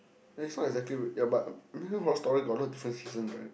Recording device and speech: boundary microphone, conversation in the same room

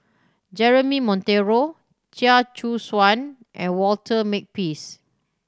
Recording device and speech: standing microphone (AKG C214), read sentence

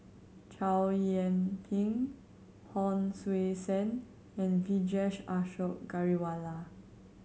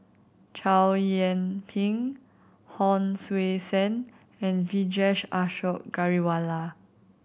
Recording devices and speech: mobile phone (Samsung C7100), boundary microphone (BM630), read sentence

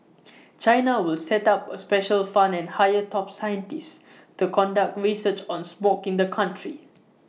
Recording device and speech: mobile phone (iPhone 6), read sentence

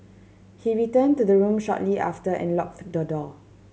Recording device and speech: mobile phone (Samsung C7100), read sentence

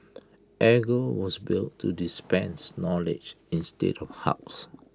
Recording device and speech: close-talking microphone (WH20), read sentence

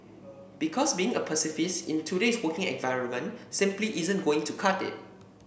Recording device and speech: boundary microphone (BM630), read sentence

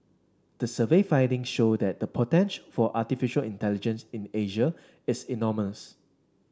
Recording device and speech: standing microphone (AKG C214), read sentence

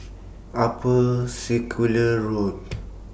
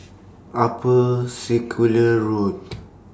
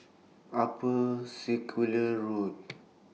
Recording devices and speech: boundary microphone (BM630), standing microphone (AKG C214), mobile phone (iPhone 6), read sentence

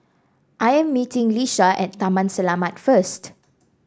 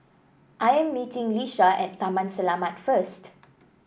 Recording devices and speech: standing microphone (AKG C214), boundary microphone (BM630), read sentence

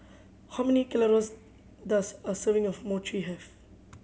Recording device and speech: mobile phone (Samsung C7100), read sentence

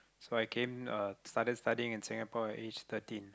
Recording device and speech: close-talking microphone, conversation in the same room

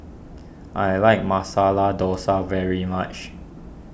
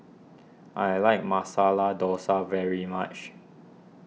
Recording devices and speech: boundary microphone (BM630), mobile phone (iPhone 6), read sentence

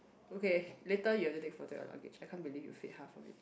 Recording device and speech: boundary microphone, conversation in the same room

